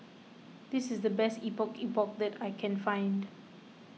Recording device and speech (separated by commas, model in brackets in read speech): mobile phone (iPhone 6), read sentence